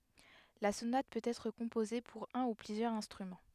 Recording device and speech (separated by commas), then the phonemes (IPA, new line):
headset microphone, read sentence
la sonat pøt ɛtʁ kɔ̃poze puʁ œ̃ u plyzjœʁz ɛ̃stʁymɑ̃